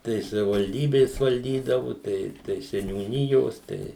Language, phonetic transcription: Lithuanian, tai savivalˈdybės valˈdydavu ˈtai tai seniūˈnijos ˈtai

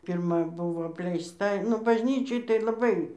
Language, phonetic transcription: Lithuanian, pirˈma ˈbuvo apleisˈta nu bažˈnyčioj tai laˈbai

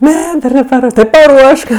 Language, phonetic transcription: Lithuanian, ˈne ˈdar nepaˈruoštos ˈti paˈruošk

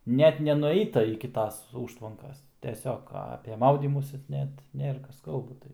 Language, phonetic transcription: Lithuanian, ˈnet ˈnenuˈeita iki ˈtas ˈūžtvankas teˈsiog ape ˈmaudymųsi ˈnet ˈnėra ˈkas ˈkalba

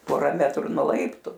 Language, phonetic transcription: Lithuanian, ˈpora ˈmetru nuo ˈlaiptu

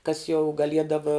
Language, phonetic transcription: Lithuanian, kas jau gaˈliedava

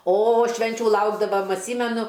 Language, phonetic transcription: Lithuanian, o ˈšvenčiu ˈlaukdavam atˈsymenu

